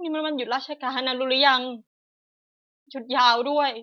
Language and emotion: Thai, sad